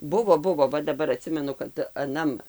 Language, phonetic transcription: Lithuanian, ˈbuvo ˈbuvo ˈva daˈbar aˈtsimenu kad aˈnam

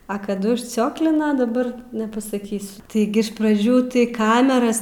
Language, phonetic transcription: Lithuanian, a kaˈdu užˈcioklina daˈbar nepasaˈkysiu taiˈgi iš praˈdžių tai ˈkameras

